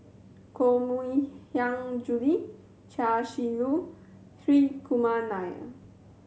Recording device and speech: mobile phone (Samsung C7100), read sentence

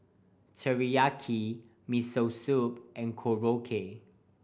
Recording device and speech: boundary microphone (BM630), read sentence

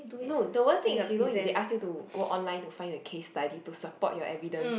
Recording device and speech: boundary microphone, conversation in the same room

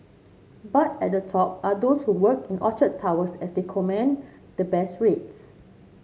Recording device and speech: mobile phone (Samsung C7), read sentence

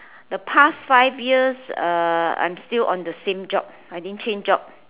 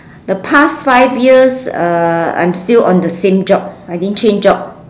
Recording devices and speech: telephone, standing microphone, conversation in separate rooms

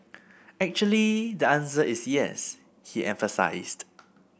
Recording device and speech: boundary microphone (BM630), read sentence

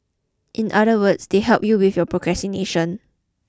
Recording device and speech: close-talking microphone (WH20), read sentence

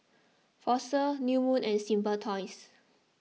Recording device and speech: mobile phone (iPhone 6), read sentence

